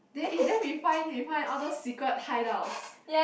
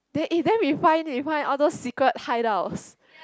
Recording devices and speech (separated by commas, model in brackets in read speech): boundary microphone, close-talking microphone, conversation in the same room